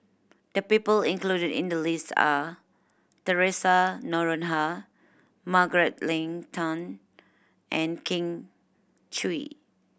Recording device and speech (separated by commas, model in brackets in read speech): boundary microphone (BM630), read sentence